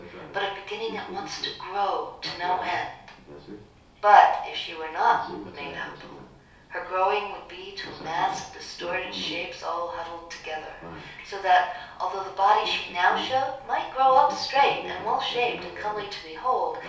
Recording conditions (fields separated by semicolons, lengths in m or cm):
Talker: one person; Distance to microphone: 3.0 m; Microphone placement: far; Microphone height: 1.8 m; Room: small (3.7 m by 2.7 m); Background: television